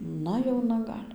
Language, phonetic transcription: Lithuanian, ˈna jauˈna ˈgal'

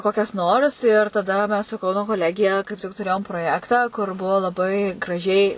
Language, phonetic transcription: Lithuanian, ˈkokias nors ir taˈda mes su ˈkauno koˈlegija kaip tik tuˈrėjom proˈjektą kur ˈbuo laˈbai graˈžiai

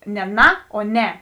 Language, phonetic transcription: Lithuanian, ne ˈna o ˈne

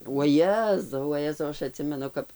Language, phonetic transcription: Lithuanian, uoˈjezau vaˈjezau ˈaš aˈtsimenu ˈkap

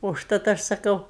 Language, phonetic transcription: Lithuanian, užˈtat ˈaš saˈkau

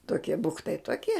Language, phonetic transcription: Lithuanian, toˈkie ˈbuktai toˈkie

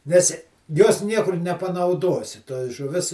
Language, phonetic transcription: Lithuanian, nes jos ˈniekur nepanauˈduosi toj žuˈvis

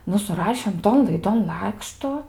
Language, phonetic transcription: Lithuanian, ˈnu suˈrašėm ˈton laiˈdon ˈlakštu

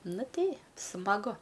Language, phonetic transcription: Lithuanian, ˈnu ˈtei smaˈgu

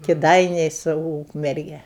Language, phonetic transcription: Lithuanian, kiˈdainiai su ˈūkmerge

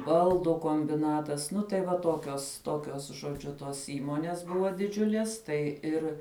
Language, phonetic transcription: Lithuanian, ˈbaldu kombiˈnatas ˈnu tai va ˈtokios ˈtokios žoˈdžiu ˈtos ˈįmonės ˈbuvo diˈdžiulies ˈtai ir

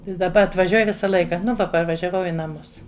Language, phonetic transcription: Lithuanian, i daˈba atvaˈžiuoj ˈvisa ˈlaika nu ˈva parvažiaˈvau i naˈmus

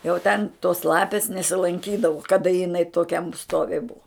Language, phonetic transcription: Lithuanian, jau ten tos ˈlapės nesilanˈkydavu kaˈda jiˈnai toˈkiam ˈstovi ˈbuvo

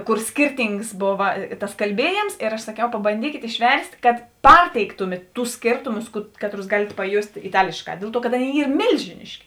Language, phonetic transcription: Lithuanian, ˈkur skirˈtyngs ˈbova tas kalˈbiejėms ir aš saˈkiau pabanˈdykėt išˈverst' kad ˈparteiktumėt ˈtus ˈskėrtumus ˈkatˌrus ˈgalėt paˈjost' iˈtalėšˌkā ˈdėl ˈtuo kad ˈaˌnėi ˈyr ˈmėlžiniški

